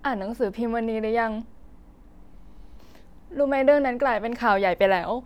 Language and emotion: Thai, sad